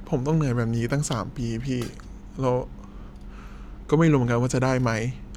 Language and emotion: Thai, sad